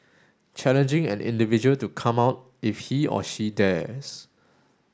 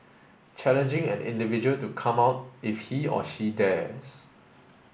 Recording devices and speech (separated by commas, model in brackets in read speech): standing microphone (AKG C214), boundary microphone (BM630), read sentence